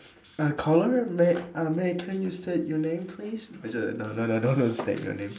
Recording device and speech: standing microphone, conversation in separate rooms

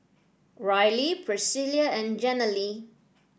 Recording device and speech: boundary microphone (BM630), read sentence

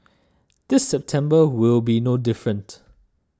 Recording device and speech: standing microphone (AKG C214), read sentence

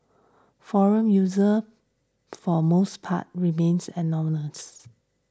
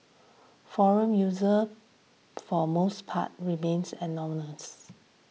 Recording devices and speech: standing microphone (AKG C214), mobile phone (iPhone 6), read sentence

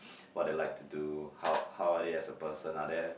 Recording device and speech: boundary microphone, conversation in the same room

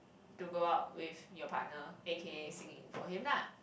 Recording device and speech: boundary microphone, conversation in the same room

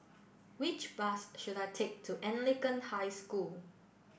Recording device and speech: boundary microphone (BM630), read sentence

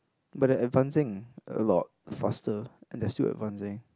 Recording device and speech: close-talking microphone, conversation in the same room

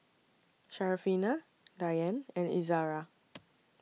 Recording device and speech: mobile phone (iPhone 6), read sentence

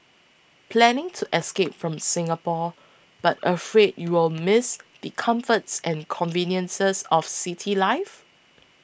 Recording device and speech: boundary microphone (BM630), read sentence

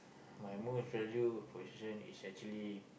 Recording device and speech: boundary microphone, conversation in the same room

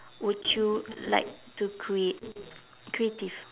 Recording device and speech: telephone, conversation in separate rooms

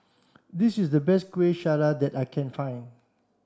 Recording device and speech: standing microphone (AKG C214), read sentence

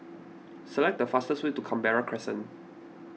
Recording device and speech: mobile phone (iPhone 6), read sentence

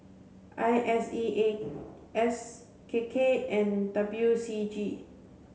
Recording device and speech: mobile phone (Samsung C7), read sentence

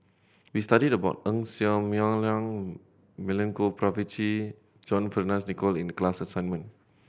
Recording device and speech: boundary microphone (BM630), read sentence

